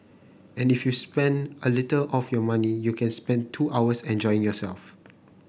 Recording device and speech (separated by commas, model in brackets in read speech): boundary microphone (BM630), read sentence